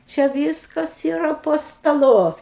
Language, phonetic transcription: Lithuanian, čia ˈvyskas yˈra po staˈlu

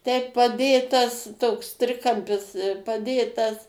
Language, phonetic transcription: Lithuanian, ˈteip paˈdėtas ˈtoks ˈtrikampis paˈdėtas

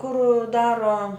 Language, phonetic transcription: Lithuanian, kur ˈdaro

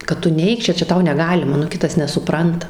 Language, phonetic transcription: Lithuanian, kad ˈtu ˈneik ˈčia ˈčia ˈtau neˈgalima nu ˈkitas nesuˈpranta

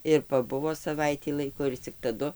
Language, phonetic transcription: Lithuanian, ir paˈbuvo saˈvaitį ˈlaiko ir cik taˈdu

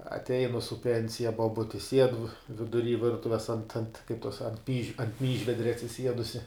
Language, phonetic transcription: Lithuanian, atˈeinu su ˈpensija boˈbuti sied viduˈry ˈvirtuves ant ant kaip tos ant py ˈmyžvedria atsiˈsiedusi

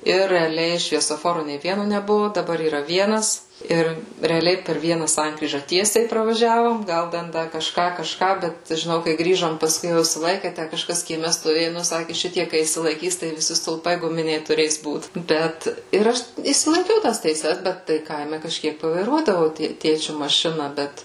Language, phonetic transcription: Lithuanian, ir reaˈliai šviesoˈforu nei ˈvienu neˈbuvu daˈbar yˈra ˈvienas ˈir reaˈliai per ˈviena ˈsankryža ˈtiesiai pravaˈžiavom ˈgal ˈden ˈda kažˈką kažˈką ˈbet žiˈnau kai ˈgrįžom pasˈkui jau išsiˈlaike ˈtæ kažˈkas kieˈme stoˈvėju ˈnu ˈsakė ˈšitie kai išsilaiˈkys tai viˈsi stulˈpai guˈminiai tuˈrės ˈbūt ˈbet ir ˈaš išsilaiˈkiau ˈtąs teiˈses ˈbet tai ˈkaime kažˈkiek pavaiˈruodavau ˈtė ˈtėčiu maˈšina ˈbet

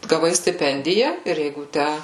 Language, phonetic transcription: Lithuanian, gaˈvai stiˈpendija ir ˈjeigu ˈtæ

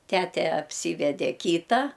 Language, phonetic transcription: Lithuanian, ˈtete apˈsyvede ˈkyta

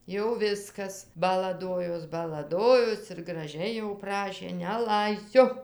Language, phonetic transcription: Lithuanian, jau ˈviskas balaˈdojos balaˈdojos ir graˈžiai jau ˈprašė neˈlaisiu

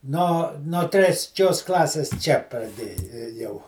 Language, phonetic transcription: Lithuanian, ˈno no tresˈčios ˈklasės ˈčia praˈdė ėˈjau

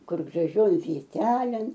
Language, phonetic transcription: Lithuanian, ˈkur graˈžioj vieˈtelėn

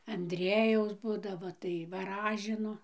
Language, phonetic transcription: Lithuanian, anˈdriejaus ˈbūdavo tai vaˈražino

